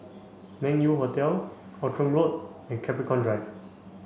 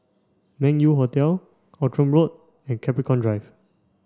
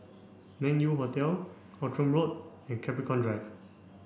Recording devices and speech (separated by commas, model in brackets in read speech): mobile phone (Samsung C5), standing microphone (AKG C214), boundary microphone (BM630), read sentence